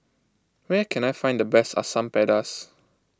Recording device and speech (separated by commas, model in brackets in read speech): close-talking microphone (WH20), read sentence